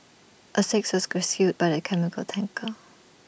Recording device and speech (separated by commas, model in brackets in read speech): boundary microphone (BM630), read sentence